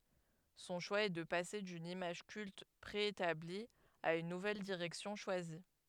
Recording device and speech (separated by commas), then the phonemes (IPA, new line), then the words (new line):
headset microphone, read sentence
sɔ̃ ʃwa ɛ də pase dyn imaʒ kylt pʁeetabli a yn nuvɛl diʁɛksjɔ̃ ʃwazi
Son choix est de passer d'une image culte préétablie à une nouvelle direction choisie.